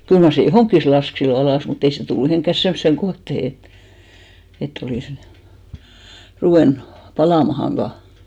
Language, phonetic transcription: Finnish, 'kyl mar se "johòŋkkis lask sillo 'alàs mu't ‿ei se tullu mihìŋkkäs 'semmᵒsseŋ "kohtehe et , et't ‿olìs , 'ruvènᴜ , 'palàmahan̬ vaa .
- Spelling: kyllä mar se johonkin laski silloin alas mutta ei se tullut mihinkään semmoiseen kohtaan että että olisi ruvennut palamaan vain

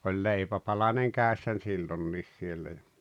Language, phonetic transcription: Finnish, 'oĺ 'leipäpalaneŋ 'kä̀essän 'sillonniis siellä ja ,.
- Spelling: oli leipäpalanen kädessä silloin niin siellä ja

